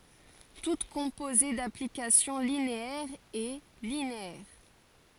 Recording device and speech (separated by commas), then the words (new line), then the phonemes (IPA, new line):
forehead accelerometer, read sentence
Toute composée d'applications linéaires est linéaire.
tut kɔ̃poze daplikasjɔ̃ lineɛʁz ɛ lineɛʁ